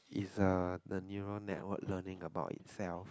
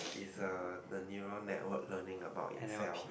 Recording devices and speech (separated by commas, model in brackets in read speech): close-talking microphone, boundary microphone, conversation in the same room